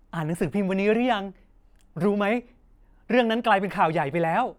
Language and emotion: Thai, happy